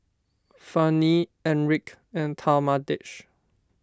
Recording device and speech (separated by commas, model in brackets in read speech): standing microphone (AKG C214), read sentence